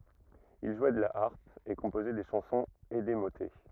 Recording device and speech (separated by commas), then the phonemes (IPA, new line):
rigid in-ear microphone, read sentence
il ʒwɛ də la aʁp e kɔ̃pozɛ de ʃɑ̃sɔ̃z e de motɛ